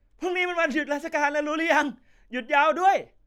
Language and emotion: Thai, happy